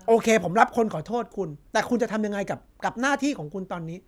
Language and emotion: Thai, angry